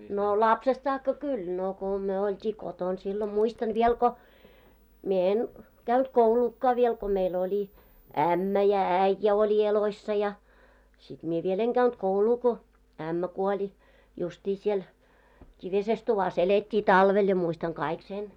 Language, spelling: Finnish, no lapsesta saakka kun no kun me oltiin kotona silloin muistan vielä kun minä en käynyt kouluakaan vielä kun meillä oli ämmä ja äijä oli elossa ja sitten minä vielä en käynyt koulua kun ämmä kuoli justiin siellä kivisessä tuvassa elettiin talvella ja muistan kaikki sen
- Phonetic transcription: no "lapsest saakka "kul , no ko , 'myö olt́ii "koton sillo 'muistan viel ko , mie 'en , 'käynt 'kouluukkà viel ko mei'l ‿oli , 'ämmä ja "äⁱjjä oĺi 'eloissa ja , sit mie viel ‿eŋ 'ɢäynt "kouluu ko , 'ämmä kuoĺi , 'just́i siel , 'kivises tuvas elet́t́ii "talvel ja 'muistaŋ 'kaik sen .

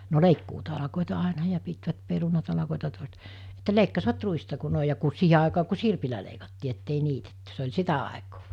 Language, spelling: Finnish, no leikkuutalkoita aina ja pitivät perunatalkoita toiset että leikkasivat ruista kun noin ja kun siihen aikaan kun sirpillä leikattiin että ei niitetty se oli sitä aikaa
- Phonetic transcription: no 'leikkuutalakòeta àena ja pitvät 'peru-natalakòeta tòest , Että 'leikkasvat 'ruista ku 'nòi ja ku 'siihe àekaa ku "sirpilä leikattii ettei 'niitetty se oĺ 'sitä àekoo .

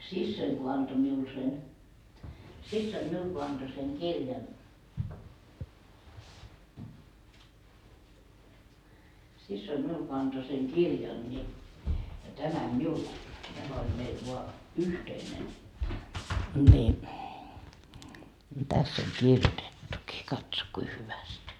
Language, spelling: Finnish, siskoni kun antoi minulle sen siskoni minulle kun antoi sen kirjan siskoni minulle kun antoi sen kirjan niin tämän minulle tämä oli meillä vain yhteinen niin tässä on kirjoitettukin katso kuinka hyvästi
- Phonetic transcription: "sissoiŋ ko 'anto miul sen , 'sissoim "miul ko anto seŋ "kirjan , 'sissoim miul ko anto seŋ "kirjan ńi , 'tämäm 'miul , 'tämä oĺ meil voa , "yhteinen , ńi , täss ‿oŋ "kirjotettuki , katso kui 'hyväst .

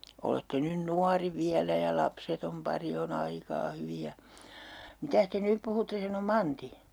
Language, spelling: Finnish, olette nyt nuori vielä ja lapseton pari on aikaa hyvin ja mitäs te nyt puhutte sanoi Manti
- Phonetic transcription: olette 'nyn 'nuari 'viälä ja 'lapsetom 'pari o"n ‿aikaa 'hyvi ja. , » » 'mitäs te "nyp puhutte » sano 'Manti .

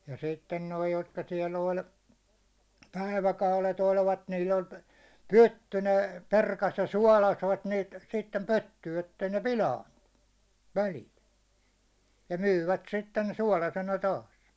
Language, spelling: Finnish, ja sitten nuo jotka siellä oli päiväkaudet olivat niillä oli pytty ne perkasi ja suolasivat niitä sitten pyttyyn että ei ne pilaantunut väliltä ja myyvät sitten suolaisena taas
- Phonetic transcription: ja 'sitten 'noi 'jotka siɛ'l ‿oĺ , 'päiväkaule't ‿olvat niil oĺ , "pytty , ne "perkas ja "suålasvat niit sittem 'pytty , ettei 'ne "pilaintuɴɴᴜ , 'välilt , ja 'myyvät 'sitten "suålasena 'taas .

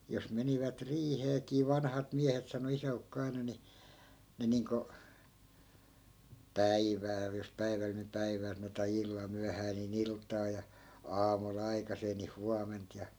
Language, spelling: Finnish, jos menivät riiheenkin vanhat miehet sanoi isäukko aina niin ne niin kuin päivällä jos päivällä niin päivää sanoi tai illalla myöhään niin iltaa ja aamulla aikaiseen niin huomenta ja
- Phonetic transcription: jos 'menivät "riiheekii 'vanhat 'miähet sano 'isä₍ukko 'aina ni , 'ne niiŋko , "päivääl jos 'päiväl ni 'päivää sano tai 'illal 'myähää nii"n ‿ilt̆taa ja , 'aamu'l ‿aikasee ni "huament ja .

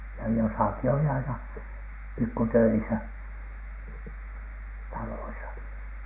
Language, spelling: Finnish, ja jossakin oli aina pikku töissä taloissa
- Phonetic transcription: ja 'josàki oli aina , pikku "töisä , 'taloisa .

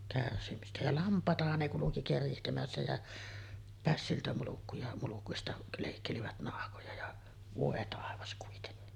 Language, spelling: Finnish, kärsimistä ja lampaitahan ne kulki keritsemässä ja pässiltä mulkkuja mulkuista leikkelivät nahkoja ja voi taivas kuitenkin
- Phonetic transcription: kärsimistä ja "lamp̀àetahan ne kuluki 'kerihtemässä jä , pässiltä mulukkuja , 'mulukuista lèikkelivät 'nahkoja ja , "vòe 'tàevas kuitenni .

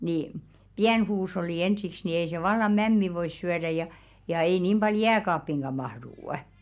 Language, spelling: Finnish, niin pieni huusholli ensiksi niin ei se vallan mämmiä voi syödä ja ja ei niin paljon jääkaappiinkaan mahdu
- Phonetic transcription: ni , "piän 'huush̬olli "ensiks ni ei se 'valla "mämmi vois 'syärä ja , ja ei 'nìm ʙal "jääkaappiŋɢa 'mahðuu₍ᵊ .

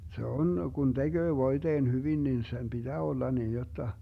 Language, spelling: Finnish, se on kun tekee voiteen hyvin niin sen pitää olla niin jotta
- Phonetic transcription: se 'on , Gun 'DeGöö 'voiDeen 'hyvin nin sem BiDää 'olla niin jotta ,.

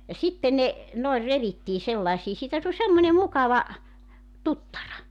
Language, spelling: Finnish, ja sitten ne noin revittiin sellaisiin siitä tuli semmoinen mukava tuttara
- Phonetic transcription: ja 'sitten ne , noer 'revittii 'sellaᵉsii siitä tuĺ 'semmońe 'mukava , "tuttara .

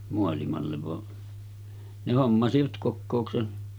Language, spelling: Finnish, maailmalle vaan ne hommasivat kokouksen
- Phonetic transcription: moalimallev va , ne 'hommasivat 'kokkòuksen .

